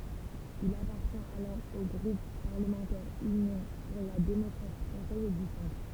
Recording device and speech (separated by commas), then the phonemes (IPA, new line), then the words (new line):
temple vibration pickup, read sentence
il apaʁtjɛ̃t alɔʁ o ɡʁup paʁləmɑ̃tɛʁ ynjɔ̃ puʁ la demɔkʁasi fʁɑ̃sɛz e dy sɑ̃tʁ
Il appartient alors au groupe parlementaire Union pour la démocratie française et du centre.